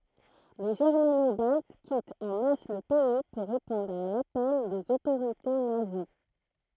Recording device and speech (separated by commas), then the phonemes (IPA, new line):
throat microphone, read sentence
le ʒɛʁmano balt kitt ɑ̃ mas lə pɛi puʁ ʁepɔ̃dʁ a lapɛl dez otoʁite nazi